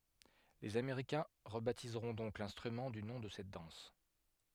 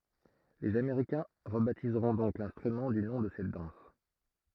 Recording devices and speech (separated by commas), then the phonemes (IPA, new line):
headset microphone, throat microphone, read sentence
lez ameʁikɛ̃ ʁəbatizʁɔ̃ dɔ̃k lɛ̃stʁymɑ̃ dy nɔ̃ də sɛt dɑ̃s